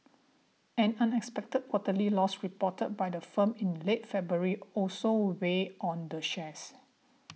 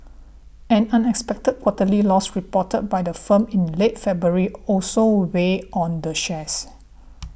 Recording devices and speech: mobile phone (iPhone 6), boundary microphone (BM630), read sentence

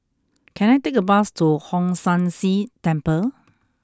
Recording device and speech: close-talking microphone (WH20), read sentence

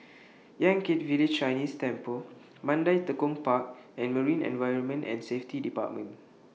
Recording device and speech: mobile phone (iPhone 6), read sentence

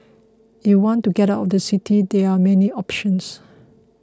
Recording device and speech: close-talking microphone (WH20), read sentence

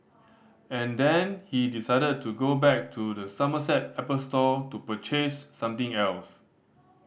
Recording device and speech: boundary microphone (BM630), read sentence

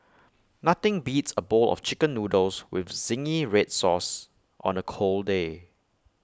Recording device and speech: close-talking microphone (WH20), read sentence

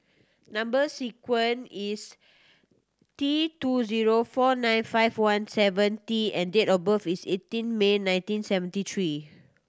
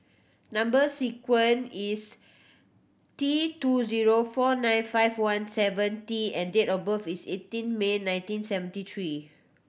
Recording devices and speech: standing microphone (AKG C214), boundary microphone (BM630), read sentence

